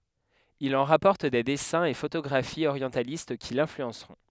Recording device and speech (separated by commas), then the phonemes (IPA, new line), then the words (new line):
headset microphone, read sentence
il ɑ̃ ʁapɔʁt de dɛsɛ̃z e fotoɡʁafiz oʁjɑ̃talist ki lɛ̃flyɑ̃sʁɔ̃
Il en rapporte des dessins et photographies orientalistes qui l'influenceront.